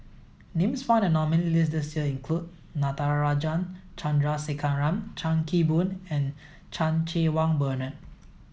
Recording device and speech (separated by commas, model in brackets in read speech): mobile phone (iPhone 7), read sentence